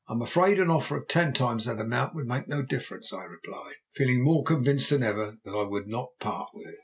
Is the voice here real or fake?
real